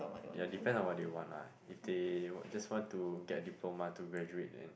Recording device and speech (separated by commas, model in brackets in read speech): boundary microphone, conversation in the same room